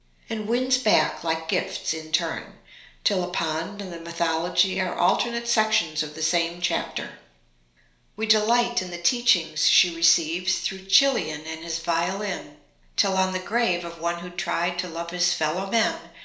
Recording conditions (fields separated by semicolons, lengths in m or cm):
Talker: one person; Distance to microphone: 1.0 m; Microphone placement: close; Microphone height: 1.1 m; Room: small (3.7 m by 2.7 m); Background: none